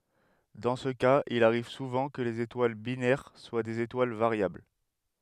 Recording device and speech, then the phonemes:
headset microphone, read sentence
dɑ̃ sə kaz il aʁiv suvɑ̃ kə lez etwal binɛʁ swa dez etwal vaʁjabl

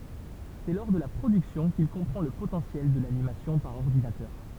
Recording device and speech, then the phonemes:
temple vibration pickup, read sentence
sɛ lɔʁ də la pʁodyksjɔ̃ kil kɔ̃pʁɑ̃ lə potɑ̃sjɛl də lanimasjɔ̃ paʁ ɔʁdinatœʁ

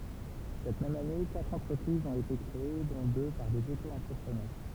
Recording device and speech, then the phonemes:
temple vibration pickup, read sentence
sɛt mɛm ane katʁ ɑ̃tʁəpʁizz ɔ̃t ete kʁee dɔ̃ dø paʁ dez otoɑ̃tʁəpʁənœʁ

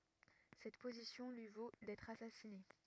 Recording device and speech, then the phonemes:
rigid in-ear microphone, read sentence
sɛt pozisjɔ̃ lyi vo dɛtʁ asasine

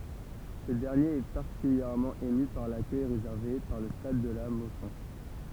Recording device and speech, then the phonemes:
temple vibration pickup, read sentence
sə dɛʁnjeʁ ɛ paʁtikyljɛʁmɑ̃ emy paʁ lakœj ʁezɛʁve paʁ lə stad də la mɔsɔ̃

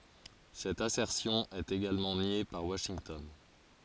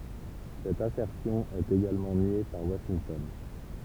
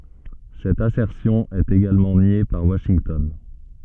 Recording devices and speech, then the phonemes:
forehead accelerometer, temple vibration pickup, soft in-ear microphone, read sentence
sɛt asɛʁsjɔ̃ ɛt eɡalmɑ̃ nje paʁ waʃintɔn

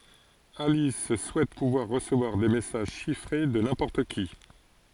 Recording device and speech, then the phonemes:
forehead accelerometer, read sentence
alis suɛt puvwaʁ ʁəsəvwaʁ de mɛsaʒ ʃifʁe də nɛ̃pɔʁt ki

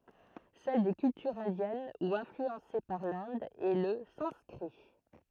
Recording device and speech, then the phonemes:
throat microphone, read sentence
sɛl de kyltyʁz ɛ̃djɛn u ɛ̃flyɑ̃se paʁ lɛ̃d ɛ lə sɑ̃skʁi

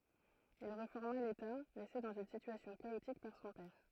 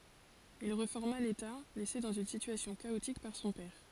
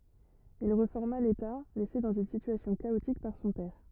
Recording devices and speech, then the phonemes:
throat microphone, forehead accelerometer, rigid in-ear microphone, read sentence
il ʁefɔʁma leta lɛse dɑ̃z yn sityasjɔ̃ kaotik paʁ sɔ̃ pɛʁ

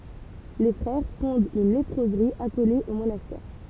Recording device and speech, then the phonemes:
temple vibration pickup, read sentence
le fʁɛʁ fɔ̃dt yn lepʁozʁi akole o monastɛʁ

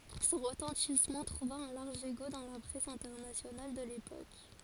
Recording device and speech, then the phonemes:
forehead accelerometer, read sentence
sɔ̃ ʁətɑ̃tismɑ̃ tʁuva œ̃ laʁʒ eko dɑ̃ la pʁɛs ɛ̃tɛʁnasjonal də lepok

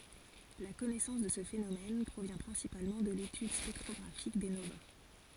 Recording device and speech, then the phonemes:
forehead accelerometer, read sentence
la kɔnɛsɑ̃s də sə fenomɛn pʁovjɛ̃ pʁɛ̃sipalmɑ̃ də letyd spɛktʁɔɡʁafik de nova

